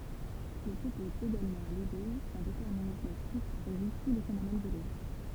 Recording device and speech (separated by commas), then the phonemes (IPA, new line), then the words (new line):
temple vibration pickup, read sentence
il sɔpɔz eɡalmɑ̃ a lide kœ̃ detɛʁminism stʁikt ʁeʒi tu le fenomɛn bjoloʒik
Il s'oppose également à l'idée qu'un déterminisme strict régit tous les phénomènes biologiques.